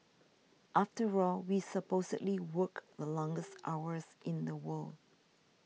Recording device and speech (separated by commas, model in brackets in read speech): mobile phone (iPhone 6), read sentence